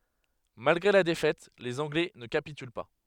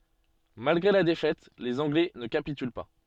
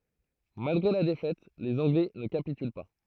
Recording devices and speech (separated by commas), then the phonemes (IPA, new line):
headset microphone, soft in-ear microphone, throat microphone, read sentence
malɡʁe la defɛt lez ɑ̃ɡlɛ nə kapityl pa